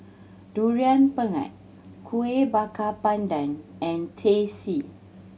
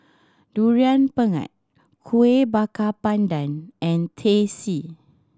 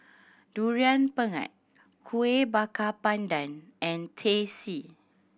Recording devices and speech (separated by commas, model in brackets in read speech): mobile phone (Samsung C7100), standing microphone (AKG C214), boundary microphone (BM630), read sentence